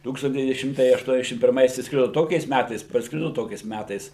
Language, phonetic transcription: Lithuanian, ˈtūkstant deˈvyni ˈšimtai ašˈtuoniasdešim pirˈmais išsˈkrido ˈtokiais ˈmætais parsˈkrido ˈtokiais ˈmætais

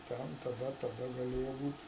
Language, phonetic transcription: Lithuanian, ˈten taˈda taˈda gaˈlėjo ˈbūt'

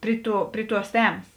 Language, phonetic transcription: Lithuanian, ˈpri ˌtū ˈpri ˌtuos ˈtemas

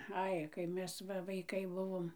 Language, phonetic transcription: Lithuanian, ˈai kai ˈmes ˈva vaiˈkai ˈbuvom

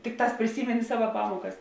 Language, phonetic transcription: Lithuanian, ˈtikˌtās priˈsymeni ˈsava ˈpamuokas

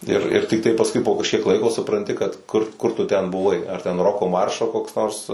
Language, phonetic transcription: Lithuanian, ir ir tikˈtai pasˈkui po kažˈkiek ˈlaiko supranˈti kad ˈkur ˈkur tu ˈten buˈvai arˈ ten ˈroko ˈmaršo koks ˈnors

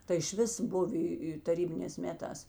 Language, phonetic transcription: Lithuanian, tai išˈvis ˈbuvi taˈrybinės ˈmeˌtās

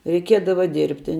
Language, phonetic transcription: Lithuanian, reiˈkiedava ˈdirbti

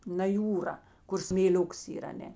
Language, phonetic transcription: Lithuanian, na ˈjūra ˈkur smėˈliuks ˈyr aˈne

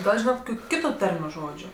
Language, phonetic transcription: Lithuanian, ˈgal ˈžynat ˈkokiu ˈkitu ˈtarmiu ˈžodžiu

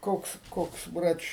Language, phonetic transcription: Lithuanian, ˈkoks ˈkoks ˈbrač'

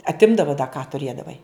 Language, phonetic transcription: Lithuanian, atˈimdava da ką tuˈrėdavai

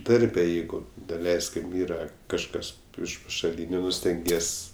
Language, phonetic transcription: Lithuanian, ˈdarbe ˈjeigu daˈleiskim ˈyra kažˈkas iš pašaˈlyniu ˈnu stenˈgies'

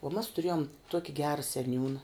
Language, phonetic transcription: Lithuanian, o mas tuˈrėjom ˈtuoki ˈgera seˈniūna

